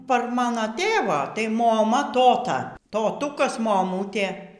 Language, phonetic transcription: Lithuanian, par ˈmano ˈtėvo tai moˈma ˈtota toˈtūkas moˈmūtė

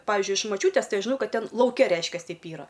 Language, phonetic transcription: Lithuanian, ˈpavizdžiui iš maˈčiūtės ˈtai aš žiˈnau ˈkad ˈten lauˈke ˈreiškias ˈteip ˈyra

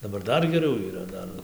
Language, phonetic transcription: Lithuanian, daˈbar ˈdar geˈriau yˈra ˈdar

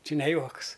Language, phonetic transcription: Lithuanian, ˈči ne ˈjuoks

